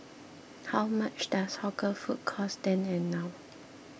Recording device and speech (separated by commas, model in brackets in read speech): boundary microphone (BM630), read sentence